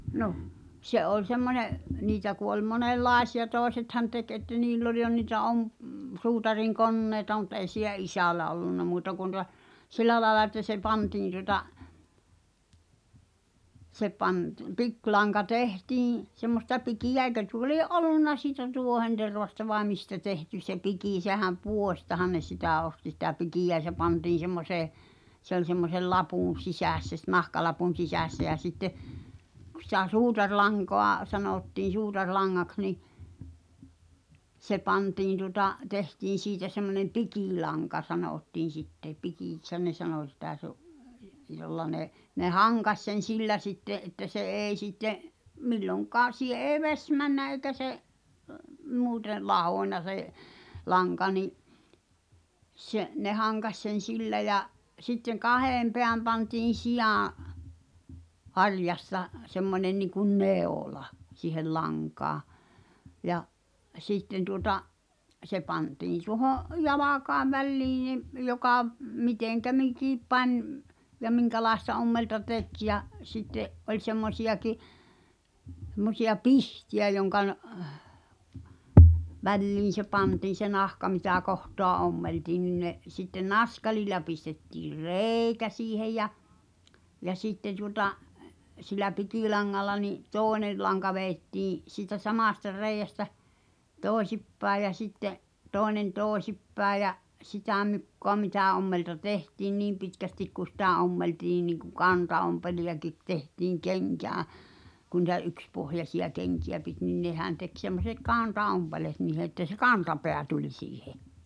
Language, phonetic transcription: Finnish, no , 'se ’oĺ semmońe’ , 'niitä ku oi 'monel"làesi₍a 'tòesethan tek että 'niill ‿oĺ jo nìtä 'om- , 'suutariŋ"konnèi̬ta mut ei si[ll]ä "isä̀lä ollunna muuta kun ta , "sil̆lä laĕla että se 'pantiin tuŏta , se pant- , 'piklaŋka "tehtiiḭ , semmosta 'pikijä eĭkö tuo lie’ "’olunna siitä 'tuohentervasta vae "mistä 'tehty se 'pikì sehäm "pù̳ośtahan ne 'sitä̀ osti sitä 'pikiʲä ʲʿᵃ̈ʾ se pantiⁿ̬ 'semmosee , se ‿oĺ semmosel 'lapùn̬ "sisässä s- 'nahkalapun̬ 'sisässä jä 'sitte , kᵘ sⁱtä 'suutarlaŋkoa , 'sanòttii 'suutar'laŋŋaks̬ ni , 'se "pantiin tuŏta , tehtiin̬ 'siitä semmonem̆ "pikìlaŋka 'sanòttiin̬ sitte , 'pikìkshän ne "sanò sitä se ‿o’ , jolla ne , 'ne "haŋkaś sen̬ "sillä sitte’ ’että se '’èi sitte , "milloŋk̀aa , 'siiʰe eeⁱ "veś männä eikä se’ , 'muute , 'lahòńna se’ , 'laŋka ni’ , se , ne 'haŋkas sen̬ "sillä ja , sitteŋ "kahèm peäm pantiin̬ 'sijaa̰ , "harjasta , semmońe niŋkun "nè̳ò̳la , si̳hel 'laŋkaa , ja , 'sìtten tuota’ , 'se 'pantiin̬ tuoho’ , "jalakae 'väĺliiḭ nim , jokà , 'mitèŋkä "mikìp 'pań ᵐ- , ja 'miŋkälaesta ommelta "tek ja , sitte’ , ’oĺ 'semmosi₍aki , h̳emmosi₍a "pihti₍ä joŋkan̳ , "väĺliin̬ se 'pantiin̬ se 'nahka mitä 'kohtoa "ommeltiin nin ne , sitten "naskalil̆la pistettiir "re̳e̳i̬kä siihej̆ ja , ja 'sitte tuota , sil̆lä 'pikìlaŋŋalla ni’ , "tòene , laŋka veettii , siitä "samàsta 'reijästä , "tòesippäej jä sitte’ , 'toenen "tooᵉsippäe ʲ jä , 'sitä̀ my̳kkoa 'mitä̀ ommelta "tehtiin 'niim pitkästik ku 'sitä̀ 'ommeltii niiŋku "kantaompelijakit tehtiiŋ "keŋkää , ku ni̳tä 'ykspohjasiʲa 'keŋki₍ä pit nin 'nehän tek semmᵒset "kà̳nta₍'ompelet niihe ettə se "kantapeä tuĺ 'siihe .
- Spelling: no se oli semmoinen niitä kun oli monenlaisia toisethan teki että niillä oli jo niitä - suutarinkoneita mutta ei sillä isällä ollut muuta kuin tuota sillä lailla että se pantiin tuota se - pikilanka tehtiin semmoista pikeä eikö tuo lie ollut siitä tuohentervasta vai mistä tehty se piki sehän puodistahan ne sitä osti sitä pikeä ja se pantiin semmoiseen se oli semmoisen lapun sisässä - nahkalapun sisässä ja sitten kun sitä suutarilankaa sanottiin suutarilangaksi niin se pantiin tuota tehtiin siitä semmoinen pikilanka sanottiin sitten pikiksihän ne sanoi sitä se on jolla ne ne hankasi sen sillä sitten että se ei sitten milloinkaan siihen ei vesi mennyt eikä se muuten lahonnut se lanka niin se ne hankasi sen sillä ja sitten kahden päin pantiin sian harjasta semmoinen niin kuin neula siihen lankaa ja sitten tuota se pantiin tuohon jalkojen väliin niin joka miten mikin pani - ja minkälaista ommelta teki ja sitten oli semmoisiakin semmoisia pihtejä jonka väliin se pantiin se nahka mitä kohtaa ommeltiin niin ne sitten naskalilla pistettiin reikä siihen ja ja sitten tuota sillä pikilangalla niin toinen lanka vedettiin siitä samasta reiästä toisinpäin ja sitten toinen toisinpäin ja ja sitä mukaa mitä ommelta tehtiin niin pitkästi kun sitä ommeltiin niin kuin kantaompeleitakin tehtiin kenkään kun niitä yksipohjaisia kenkiä piti niin nehän teki semmoiset kantaompeleet niihin että se kantapää tuli siihen